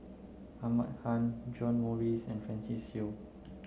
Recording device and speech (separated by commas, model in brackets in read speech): mobile phone (Samsung C9), read sentence